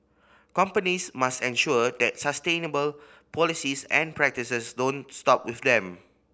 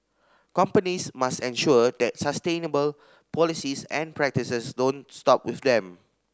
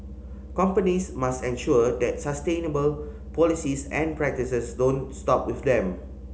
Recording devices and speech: boundary microphone (BM630), standing microphone (AKG C214), mobile phone (Samsung C5010), read sentence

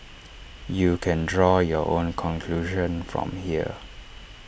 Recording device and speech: boundary microphone (BM630), read sentence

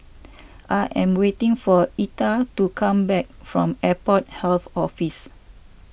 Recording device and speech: boundary microphone (BM630), read sentence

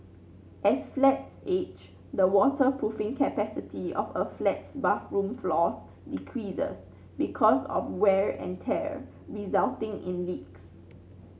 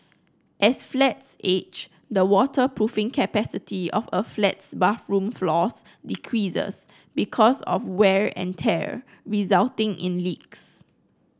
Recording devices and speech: mobile phone (Samsung C9), close-talking microphone (WH30), read sentence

